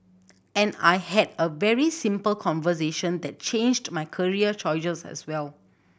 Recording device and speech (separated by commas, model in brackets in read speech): boundary microphone (BM630), read sentence